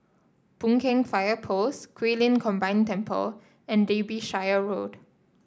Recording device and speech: standing microphone (AKG C214), read sentence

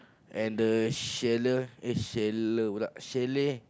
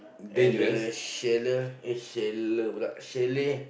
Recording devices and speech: close-talking microphone, boundary microphone, conversation in the same room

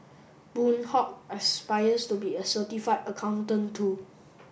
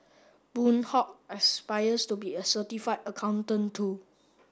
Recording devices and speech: boundary microphone (BM630), standing microphone (AKG C214), read sentence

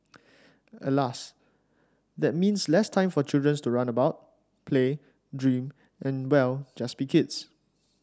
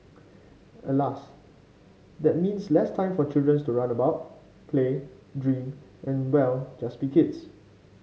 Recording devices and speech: standing microphone (AKG C214), mobile phone (Samsung C5), read sentence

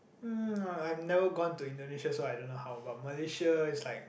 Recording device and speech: boundary microphone, conversation in the same room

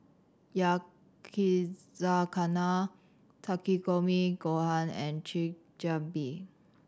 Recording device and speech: standing microphone (AKG C214), read sentence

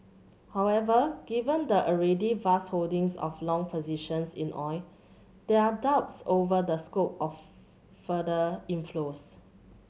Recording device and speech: mobile phone (Samsung C7100), read sentence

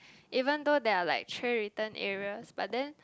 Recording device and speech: close-talking microphone, conversation in the same room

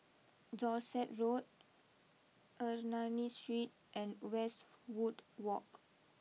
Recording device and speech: mobile phone (iPhone 6), read sentence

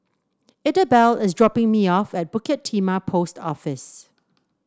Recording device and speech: standing microphone (AKG C214), read sentence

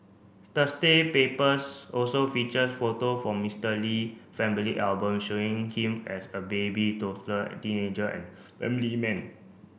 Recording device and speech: boundary microphone (BM630), read sentence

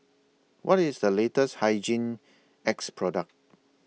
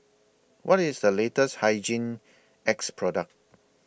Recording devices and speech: mobile phone (iPhone 6), boundary microphone (BM630), read sentence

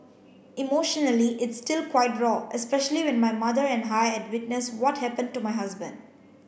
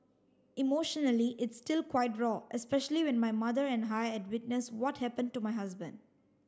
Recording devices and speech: boundary microphone (BM630), standing microphone (AKG C214), read sentence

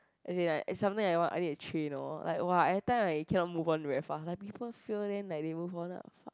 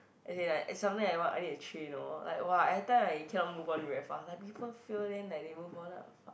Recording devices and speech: close-talking microphone, boundary microphone, conversation in the same room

